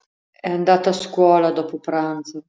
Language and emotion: Italian, sad